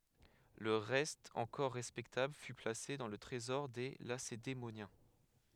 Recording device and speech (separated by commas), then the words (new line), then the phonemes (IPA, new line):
headset microphone, read sentence
Le reste encore respectable fut placé dans le Trésor des Lacédémoniens.
lə ʁɛst ɑ̃kɔʁ ʁɛspɛktabl fy plase dɑ̃ lə tʁezɔʁ de lasedemonjɛ̃